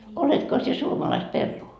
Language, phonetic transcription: Finnish, 'oletko sie 'suomalaist 'perruu ?
- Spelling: oletko sinä suomalaista perua

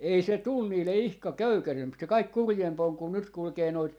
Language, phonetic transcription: Finnish, "ei 'se 'tul 'niille 'ihka "köykäsemp se 'kaik "kurjemp ‿oŋ kun 'nyt 'kulkee 'noit , .
- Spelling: ei se tullut niille ihan köykäisempi se kaikkein kurjempi on kun nyt kulkee noita

